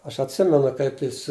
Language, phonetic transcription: Lithuanian, ˈaš atˈsimenu ˈkaip jis

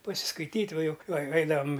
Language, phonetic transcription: Lithuanian, pasiskaiˈtyt' ˈva ˈjuk ai ˈaidavam

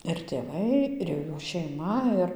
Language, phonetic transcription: Lithuanian, ir tėˈvai ir jau ˈjų šeiˈma ˈir

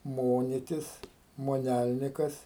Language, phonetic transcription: Lithuanian, ˈmonitis moˈnælnikas

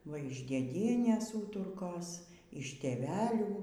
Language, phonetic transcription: Lithuanian, ˈva iš dėˈdienės ˈūturkos iš tėˈvelių

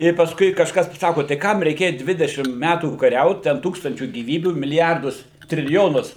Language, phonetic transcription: Lithuanian, ir pasˈkui kažˈkas paˈsako tai ˈkam reiˈkėja ˈdvidešim ˈmætų kaˈriaut ˈten ˈtūkstančių gyˈvybių miliˈjardus triliˈjonus

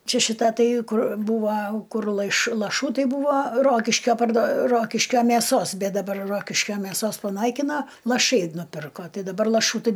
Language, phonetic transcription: Lithuanian, ˈčia šiˈta ˈtai ˈkur ˈbūva ˈkur laiš laˈšų ˈtai ˈbūva ˈrokiškio pardo ˈrokiškio mėˈsos ˈbet daˈbar ˈrokiškio mėˈsos paˈnaikino laˈšai nuˈpirko ˈtai daˈbar laˈšų tai

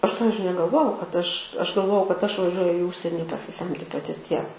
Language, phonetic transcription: Lithuanian, ˈaš ˈpavizdžiui negalˈvojau kad ˈaš ˈaš galˈvojau kad ˈaš vaˈžiuoju į ˈužseni pasiˈsemti patirˈties

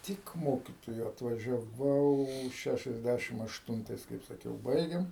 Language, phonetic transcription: Lithuanian, ˈtik ˈmokitoju atvažiaˈvau ˈšæšiasˌdæšim ašˈtuntais kaip saˈkiau ˈbaigėm

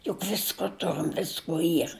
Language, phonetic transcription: Lithuanian, juk ˈvisko ˈturim ˈviskuo ˈyr

